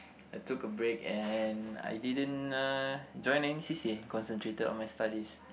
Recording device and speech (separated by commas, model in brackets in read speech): boundary microphone, conversation in the same room